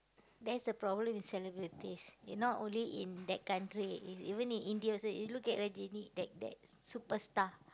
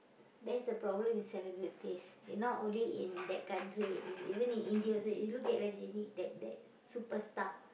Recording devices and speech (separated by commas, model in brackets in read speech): close-talking microphone, boundary microphone, conversation in the same room